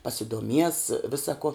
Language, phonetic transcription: Lithuanian, pasiduoˈmies ˈvisa ko

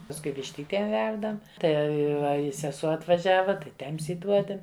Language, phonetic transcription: Lithuanian, pasˈkui višˈtytėm ˈverdam ˈtai ˈva i seˈsuo atvaˈžiava tai ˈtems įˈduodem

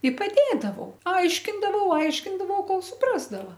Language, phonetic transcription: Lithuanian, i paˈdėdavau ˈaiškindavau ˈaiškindavau ˈkol ˈsuprasdava

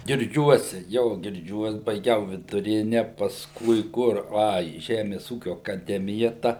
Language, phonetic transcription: Lithuanian, girˈdžiuose jo girˈdžiuos baiˈgiau viduˈrine pasˈkui ˈkur ˈa į ˈžemes ˈūkiu akaˈdemija ˈta

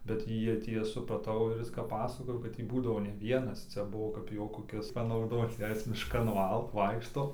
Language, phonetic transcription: Lithuanian, bet ˈjieˈ tie supraˈtau ˈir ˈis kap ˈpasakojo ˈkad tį ˈbūdavo ˈne ˈvienas ˈciaˈbuvo kaip ˈjo koˈkis panauˈdoc ˈjei ˈjis mišˈkan ˈvaikšto

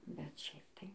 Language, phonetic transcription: Lithuanian, bet ˈšiaip tai

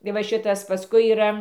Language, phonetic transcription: Lithuanian, i ˈva ˈšitas paˈskui yˈra

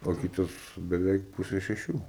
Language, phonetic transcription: Lithuanian, o ˈkytas beˈveik ˈpuse šeˈšių

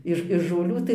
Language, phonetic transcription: Lithuanian, ˈiš iš žolˈių tai

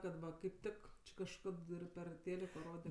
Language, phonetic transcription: Lithuanian, kad ˈva kaip ˈtik či kažˈkad ˈir ˈper ˈtėliko ˈrode

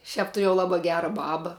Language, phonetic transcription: Lithuanian, ˈšiap tuˈrėjau ˈlaba ˈgera ˈbaba

